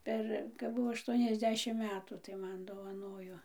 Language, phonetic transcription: Lithuanian, ˈper kap ˈbuvo aˈštuoniasˌdešim ˈmetų tai ˈman dovaˈnojo

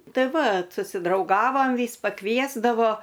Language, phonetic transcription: Lithuanian, ˈtai ˈvat susidrauˈgavam ˈvys paˈkviesdavo

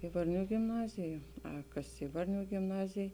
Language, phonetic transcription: Lithuanian, i varˈnių gimˈnazij jau a ˈkas ˈi varˌnių gimˈnazėj

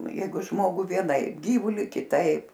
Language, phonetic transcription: Lithuanian, ˈjeigu ˈžmogu vieˈnaip ˈgyvuli kiˈtaip

